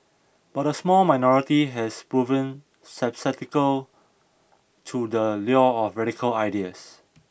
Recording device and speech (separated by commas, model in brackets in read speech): boundary microphone (BM630), read sentence